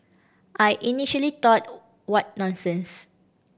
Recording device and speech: boundary microphone (BM630), read sentence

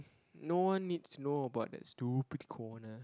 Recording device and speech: close-talking microphone, conversation in the same room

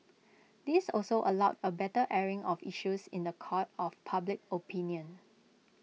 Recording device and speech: mobile phone (iPhone 6), read sentence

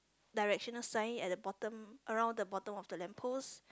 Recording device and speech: close-talking microphone, conversation in the same room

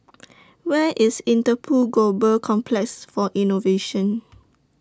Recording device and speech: standing microphone (AKG C214), read sentence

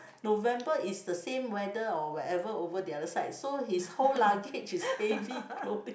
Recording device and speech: boundary microphone, conversation in the same room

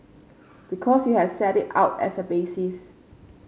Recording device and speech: mobile phone (Samsung C5), read sentence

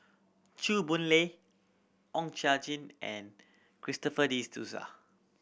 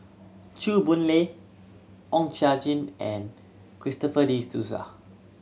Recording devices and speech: boundary microphone (BM630), mobile phone (Samsung C7100), read sentence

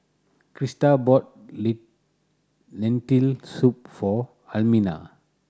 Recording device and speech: standing microphone (AKG C214), read sentence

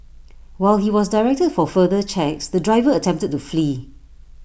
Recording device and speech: boundary microphone (BM630), read sentence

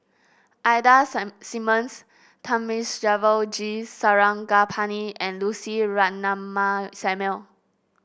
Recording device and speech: boundary microphone (BM630), read sentence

